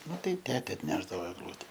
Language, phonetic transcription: Lithuanian, ˈnu tai ˈtete atˈnešdavo egˈlute

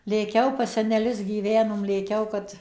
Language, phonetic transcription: Lithuanian, lėˈkiau pas seneˈlius gyˈvenom lėˈkiau kad

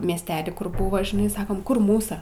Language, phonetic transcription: Lithuanian, miesˈtely ˈkur ˈbuvo žiˈnai ˈsakom kur ˈmūsa

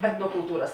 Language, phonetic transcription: Lithuanian, etnokulˈtūras

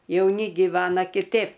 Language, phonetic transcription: Lithuanian, jauˈni giˈvana kiˈtėp

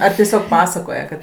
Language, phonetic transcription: Lithuanian, ar tieˈsiog ˈpasakoje kad

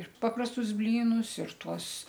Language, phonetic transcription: Lithuanian, ir ˈpaprastus ˈblynus ir ˈtuos

